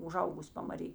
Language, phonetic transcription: Lithuanian, uˈžaugus' pamaˈry

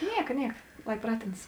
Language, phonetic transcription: Lithuanian, ˈnieka ˈnieka ˈlai ˈpratėnas

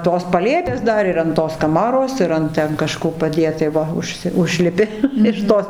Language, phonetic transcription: Lithuanian, tos paˈlėpės ˈdar ir an ˈtos kaˈmaros ir ˈant ten kaˈžko paˈdėt tai ˈva užˈsi ˈužlipi iš ˈtos

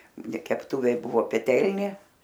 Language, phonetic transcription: Lithuanian, ne kepˈtūvė ˈbuvo peˈtelnė

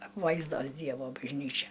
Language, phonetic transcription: Lithuanian, apˈvaizdos ˈdievo bažˈnyčia

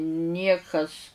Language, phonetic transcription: Lithuanian, ˈniekas

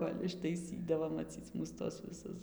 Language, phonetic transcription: Lithuanian, ˈkol' ištaiˈsydavo maˈcyc mūs ˈtuos viˈsus

